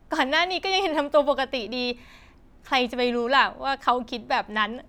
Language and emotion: Thai, happy